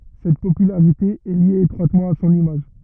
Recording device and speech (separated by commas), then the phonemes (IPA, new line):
rigid in-ear microphone, read sentence
sɛt popylaʁite ɛ lje etʁwatmɑ̃ a sɔ̃n imaʒ